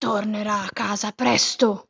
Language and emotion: Italian, angry